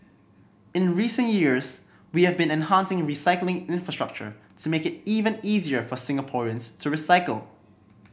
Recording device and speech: boundary microphone (BM630), read sentence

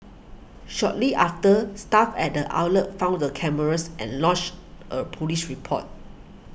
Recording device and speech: boundary microphone (BM630), read sentence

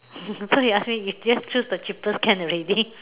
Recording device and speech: telephone, conversation in separate rooms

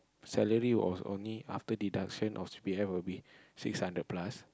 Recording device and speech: close-talking microphone, conversation in the same room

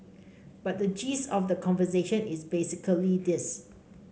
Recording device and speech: mobile phone (Samsung C5), read sentence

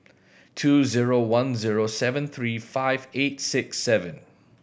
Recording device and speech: boundary microphone (BM630), read sentence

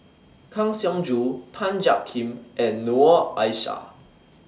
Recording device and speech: standing microphone (AKG C214), read sentence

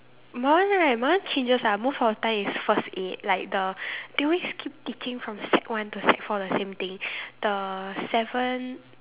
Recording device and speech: telephone, conversation in separate rooms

